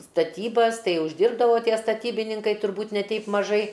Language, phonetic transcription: Lithuanian, staˈtybas ˈtai užˈdirbdavo ˈtie staˈtybininkai turˈbūt' ne ˈteip maˈžai

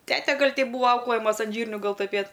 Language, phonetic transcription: Lithuanian, ˈtete ˈgal' teip ˈbūva ˈauklɘjamas an ˈžyrniu ˈgal tuˈpėt'

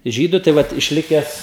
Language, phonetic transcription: Lithuanian, ˈžydu tai ˈvat išˈlikes

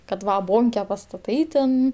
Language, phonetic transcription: Lithuanian, kad ˈva ˈbonke pastaˈtai ten

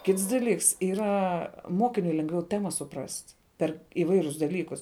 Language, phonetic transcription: Lithuanian, ˈkits daˈlyks yˈra ˈmokiniui lengˈviau ˈtema suˈprast' per iˈvairius daˈlykus

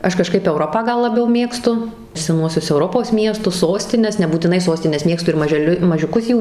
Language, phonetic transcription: Lithuanian, ˈaš kaˈžkaip euˈropą ˈgal laˈbiau ˈmėgstu seˈnuosius euˈropos ˈmiestus ˈsostines nebūtiˈnai ˈsostines ˈmėgstu ir mažeˈliu mažiuˈkus ˈjų

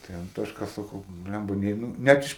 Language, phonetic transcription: Lithuanian, tai anˈtoška saˈkau ˈblæmba ˈneinu ˈnæt iš

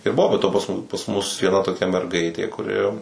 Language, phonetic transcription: Lithuanian, ir ˈbuvo be ˈto pas ˈmu pas ˈmus vieˈna toˈkia merˈgaitė kuˈri

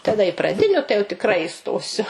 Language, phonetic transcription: Lithuanian, taˈda i praˈdiniu tai jau tikˈrai iˈstosiu

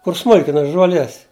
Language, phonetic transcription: Lithuanian, kur ˈsmulkina žuoˈlies

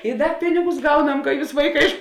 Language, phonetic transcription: Lithuanian, i ˈda ˈpinigus ˈgauˌnam ka ˈjūs ˈvaiˌkā iš

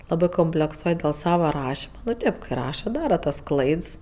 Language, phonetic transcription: Lithuanian, ˈlabɜ komplekˈsuoj dėl ˈsava ˈrašima nu ˈtėp ˈkɜ ˈraša ˈdara tas ˈklaids

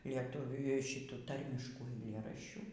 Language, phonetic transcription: Lithuanian, lieˈtuvių ˈšitų ˈtarmiškų aiˈlėraščių

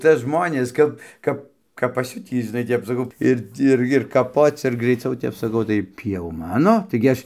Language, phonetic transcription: Lithuanian, ˈcia ˈžmonės ˈkap ˈkap kap paˈsiutį žiˈnai ˈtep saˈkau ˈir ˈir ir kaˈpoc ir graiˈciau ˈtep saˈkau tai ˈtį jau ˈmano ˈtaigi ˈaš

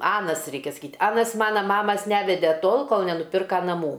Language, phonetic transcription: Lithuanian, ˈanas ˈreikia saˈkyt ˈanas ˈmana ˈmamas ˈnevede ˈtol ˈkol nenuˈpirka naˈmų

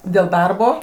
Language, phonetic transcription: Lithuanian, dėl ˈdarbo

